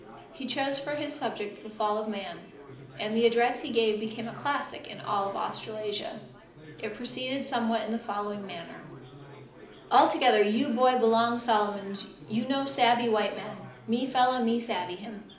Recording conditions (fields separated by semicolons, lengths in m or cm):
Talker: one person; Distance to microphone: 2.0 m; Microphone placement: close; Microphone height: 99 cm; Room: medium-sized (5.7 m by 4.0 m); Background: babble